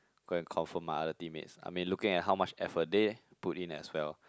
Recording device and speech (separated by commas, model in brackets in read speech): close-talking microphone, conversation in the same room